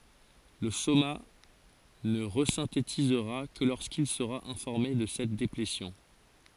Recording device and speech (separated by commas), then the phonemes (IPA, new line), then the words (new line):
forehead accelerometer, read sentence
lə soma nə ʁəzɛ̃tetizʁa kə loʁskil səʁa ɛ̃fɔʁme də sɛt deplesjɔ̃
Le soma ne resynthétisera que lorsqu'il sera informé de cette déplétion.